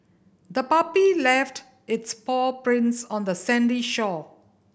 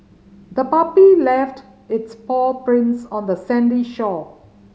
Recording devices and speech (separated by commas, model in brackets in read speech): boundary microphone (BM630), mobile phone (Samsung C5010), read sentence